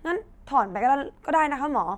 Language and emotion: Thai, frustrated